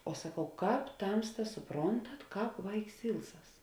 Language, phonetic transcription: Lithuanian, o saˈkau ˈkāp ˈtamstas suˈprontat ˈkāp ˈvaiks ˈilˌsas

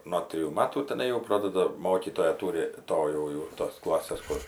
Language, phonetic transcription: Lithuanian, no ˈtrijų ˈmatų teˈnai jau ˈprodada ˈmokytoja ˈtūri ˈto jau jau tos ˈklasės ˈkur

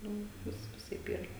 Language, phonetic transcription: Lithuanian, ˈnu ˈvis viˈsaip ˈyra

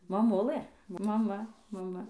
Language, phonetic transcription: Lithuanian, maˈmulɘ maˈma maˈma

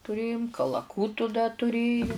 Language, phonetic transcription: Lithuanian, tuˈrėjum kalaˈkūtu da tuˈrėju

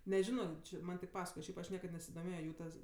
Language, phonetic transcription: Lithuanian, neˈžino ˈči ˈman' tik ˈpasakoje ˈšiaip aš ˈniekad nesidoˈmėjo ˈjų tas

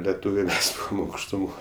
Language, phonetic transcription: Lithuanian, leˈtūviai ˈmes aukštuˈmoj

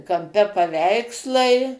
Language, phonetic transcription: Lithuanian, kamˈpe paˈveikslai

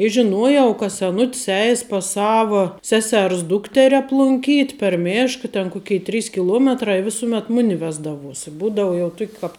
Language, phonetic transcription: Lithuanian, i žiˈnuojau ka seˈnut's ˈeis pas ˈsava ˈsesers ˈdukteri aplunˈkyt' per ˈmėška ten ˈkukei ˈtrys kiˈluometra i ˈvisumet ˈmuni ˈvesdavuos i ˈbūdau jau ˈtuk' kap

